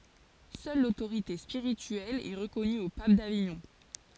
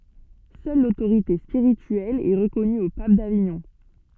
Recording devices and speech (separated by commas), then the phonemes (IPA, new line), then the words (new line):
forehead accelerometer, soft in-ear microphone, read sentence
sœl lotoʁite spiʁityɛl ɛ ʁəkɔny o pap daviɲɔ̃
Seule l'autorité spirituelle est reconnue au pape d'Avignon.